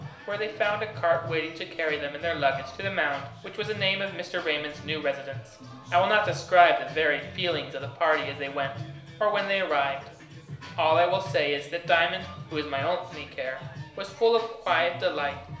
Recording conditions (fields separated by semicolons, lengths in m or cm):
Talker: one person; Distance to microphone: 1.0 m; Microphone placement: close; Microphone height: 1.1 m; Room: small (3.7 m by 2.7 m); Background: music